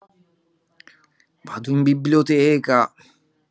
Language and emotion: Italian, sad